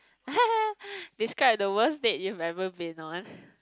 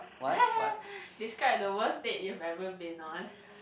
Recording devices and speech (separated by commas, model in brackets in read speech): close-talking microphone, boundary microphone, conversation in the same room